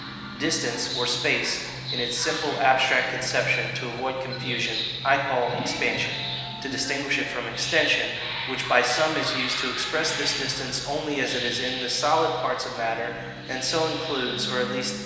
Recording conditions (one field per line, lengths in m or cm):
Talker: one person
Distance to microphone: 1.7 m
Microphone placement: close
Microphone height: 1.0 m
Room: very reverberant, large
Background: television